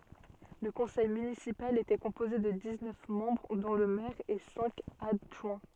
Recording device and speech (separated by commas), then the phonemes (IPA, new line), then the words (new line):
soft in-ear microphone, read sentence
lə kɔ̃sɛj mynisipal etɛ kɔ̃poze də diz nœf mɑ̃bʁ dɔ̃ lə mɛʁ e sɛ̃k adʒwɛ̃
Le conseil municipal était composé de dix-neuf membres dont le maire et cinq adjoints.